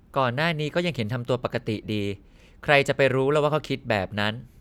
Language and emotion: Thai, neutral